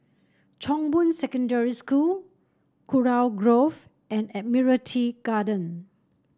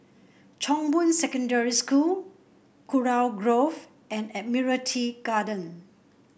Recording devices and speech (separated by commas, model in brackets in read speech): standing microphone (AKG C214), boundary microphone (BM630), read sentence